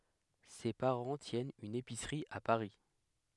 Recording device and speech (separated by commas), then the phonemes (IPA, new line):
headset microphone, read sentence
se paʁɑ̃ tjɛnt yn episʁi a paʁi